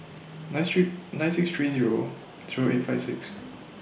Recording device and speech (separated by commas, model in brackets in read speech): boundary microphone (BM630), read sentence